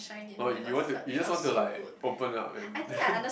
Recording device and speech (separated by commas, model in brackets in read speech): boundary microphone, conversation in the same room